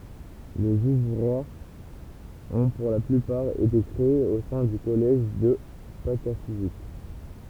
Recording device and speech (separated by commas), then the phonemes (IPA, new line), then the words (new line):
temple vibration pickup, read sentence
lez uvʁwaʁz ɔ̃ puʁ la plypaʁ ete kʁeez o sɛ̃ dy kɔlɛʒ də patafizik
Les ouvroirs ont pour la plupart été créés au sein du Collège de Pataphysique.